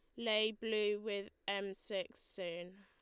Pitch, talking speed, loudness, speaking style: 200 Hz, 140 wpm, -39 LUFS, Lombard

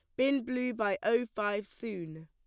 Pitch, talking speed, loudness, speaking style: 215 Hz, 175 wpm, -32 LUFS, plain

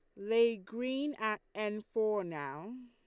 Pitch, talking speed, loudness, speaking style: 220 Hz, 135 wpm, -35 LUFS, Lombard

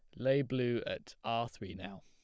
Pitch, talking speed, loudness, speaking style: 115 Hz, 195 wpm, -36 LUFS, plain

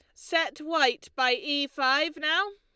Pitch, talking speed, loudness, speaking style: 310 Hz, 155 wpm, -26 LUFS, Lombard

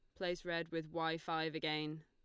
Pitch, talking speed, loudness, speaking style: 160 Hz, 195 wpm, -40 LUFS, Lombard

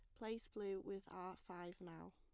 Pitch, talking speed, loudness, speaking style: 190 Hz, 185 wpm, -51 LUFS, plain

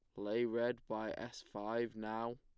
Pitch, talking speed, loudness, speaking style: 115 Hz, 165 wpm, -41 LUFS, plain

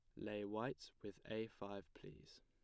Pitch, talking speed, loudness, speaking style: 105 Hz, 160 wpm, -49 LUFS, plain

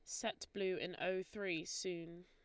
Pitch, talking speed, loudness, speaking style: 185 Hz, 175 wpm, -42 LUFS, Lombard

